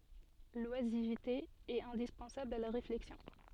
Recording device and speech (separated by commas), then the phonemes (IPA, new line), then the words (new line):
soft in-ear microphone, read sentence
lwazivte ɛt ɛ̃dispɑ̃sabl a la ʁeflɛksjɔ̃
L’oisiveté est indispensable à la réflexion.